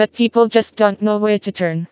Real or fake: fake